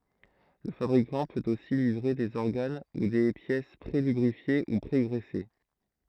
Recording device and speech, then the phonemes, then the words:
throat microphone, read sentence
lə fabʁikɑ̃ pøt osi livʁe dez ɔʁɡan u de pjɛs pʁelybʁifje u pʁeɡʁɛse
Le fabricant peut aussi livrer des organes ou des pièces pré-lubrifiés ou pré-graissés.

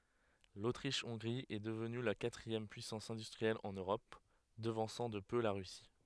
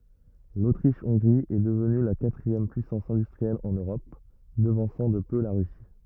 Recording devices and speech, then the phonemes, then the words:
headset microphone, rigid in-ear microphone, read sentence
lotʁiʃ ɔ̃ɡʁi ɛ dəvny la katʁiɛm pyisɑ̃s ɛ̃dystʁiɛl ɑ̃n øʁɔp dəvɑ̃sɑ̃ də pø la ʁysi
L'Autriche-Hongrie est devenue la quatrième puissance industrielle en Europe, devançant de peu la Russie.

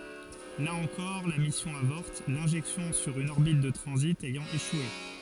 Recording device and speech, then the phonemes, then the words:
forehead accelerometer, read sentence
la ɑ̃kɔʁ la misjɔ̃ avɔʁt lɛ̃ʒɛksjɔ̃ syʁ yn ɔʁbit də tʁɑ̃zit ɛjɑ̃ eʃwe
Là encore, la mission avorte, l'injection sur une orbite de transit ayant échoué.

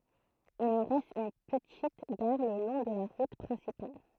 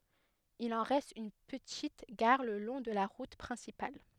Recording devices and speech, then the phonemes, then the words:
throat microphone, headset microphone, read sentence
il ɑ̃ ʁɛst yn pətit ɡaʁ lə lɔ̃ də la ʁut pʁɛ̃sipal
Il en reste une petite gare le long de la route principale.

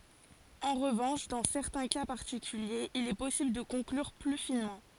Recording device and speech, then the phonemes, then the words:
forehead accelerometer, read sentence
ɑ̃ ʁəvɑ̃ʃ dɑ̃ sɛʁtɛ̃ ka paʁtikyljez il ɛ pɔsibl də kɔ̃klyʁ ply finmɑ̃
En revanche dans certains cas particuliers il est possible de conclure plus finement.

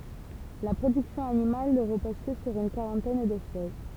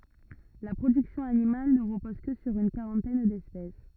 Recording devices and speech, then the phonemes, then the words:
temple vibration pickup, rigid in-ear microphone, read sentence
la pʁodyksjɔ̃ animal nə ʁəpɔz kə syʁ yn kaʁɑ̃tɛn dɛspɛs
La production animale ne repose que sur une quarantaine d'espèces.

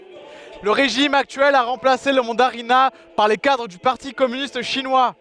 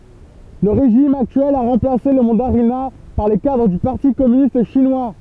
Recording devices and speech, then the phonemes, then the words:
headset microphone, temple vibration pickup, read sentence
lə ʁeʒim aktyɛl a ʁɑ̃plase lə mɑ̃daʁina paʁ le kadʁ dy paʁti kɔmynist ʃinwa
Le régime actuel a remplacé le mandarinat par les cadres du parti communiste chinois.

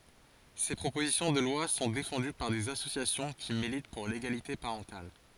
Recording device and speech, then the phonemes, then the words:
forehead accelerometer, read sentence
se pʁopozisjɔ̃ də lwa sɔ̃ defɑ̃dy paʁ dez asosjasjɔ̃ ki milit puʁ leɡalite paʁɑ̃tal
Ces propositions de loi sont défendues par des associations qui militent pour l'égalité parentale.

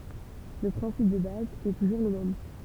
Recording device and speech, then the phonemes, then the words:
temple vibration pickup, read sentence
lə pʁɛ̃sip də baz ɛ tuʒuʁ lə mɛm
Le principe de base est toujours le même.

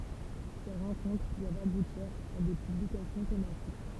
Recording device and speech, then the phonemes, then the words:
temple vibration pickup, read sentence
se ʁɑ̃kɔ̃tʁ dwavt abutiʁ a de pyblikasjɔ̃ tematik
Ces rencontres doivent aboutir à des publications thématiques.

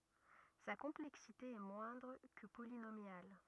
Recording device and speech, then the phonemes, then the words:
rigid in-ear microphone, read sentence
sa kɔ̃plɛksite ɛ mwɛ̃dʁ kə polinomjal
Sa complexité est moindre que polynomiale.

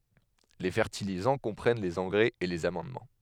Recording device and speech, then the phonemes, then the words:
headset microphone, read sentence
le fɛʁtilizɑ̃ kɔ̃pʁɛn lez ɑ̃ɡʁɛz e lez amɑ̃dmɑ̃
Les fertilisants comprennent les engrais et les amendements.

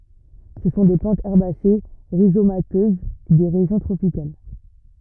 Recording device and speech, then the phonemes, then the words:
rigid in-ear microphone, read sentence
sə sɔ̃ de plɑ̃tz ɛʁbase ʁizomatøz de ʁeʒjɔ̃ tʁopikal
Ce sont des plantes herbacées rhizomateuses des régions tropicales.

